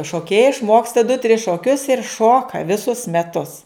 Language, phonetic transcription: Lithuanian, šoˈkėjai išˈmoksta du tris šoˈkius ir ˈšoka viˈsus meˈtus

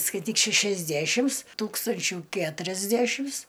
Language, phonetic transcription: Lithuanian, skaiˈtyk šæšiasˈdæšims ˈtūkstančiu ˈketuriasdæšims

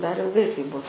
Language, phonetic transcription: Lithuanian, dar ilˈgai taip ˈbus

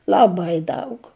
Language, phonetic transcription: Lithuanian, laˈbai ˈdaug

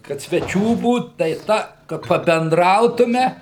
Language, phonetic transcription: Lithuanian, kad sveˈčių ˈbūt tai ˈta ka pabenˈdrautume

